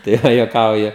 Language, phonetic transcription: Lithuanian, tai ˈva juoˈkauju

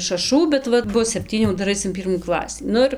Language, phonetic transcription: Lithuanian, šaˈšų bet ˈvat ˈbus sepˈtynių ˈdar ˈais in ˈpyrmų ˈklasį ˈnu ir

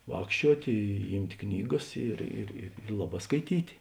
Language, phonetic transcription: Lithuanian, ˈvākščiuot' ˈymt' ˈknyˌgas ˈir ir ir ˈlaˌbā skaiˈtyt'

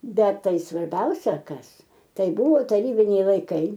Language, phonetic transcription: Lithuanian, ˈbet ˈtai svarˈbiausia ˈkas ˈtai ˈbuvo taˈrybiniai laiˈkai

